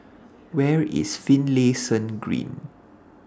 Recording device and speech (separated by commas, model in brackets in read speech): standing microphone (AKG C214), read sentence